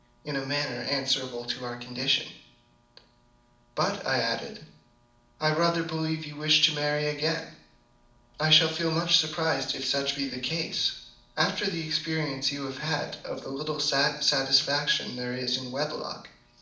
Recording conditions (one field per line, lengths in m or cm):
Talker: one person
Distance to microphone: 2.0 m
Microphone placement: close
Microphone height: 99 cm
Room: medium-sized (5.7 m by 4.0 m)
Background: none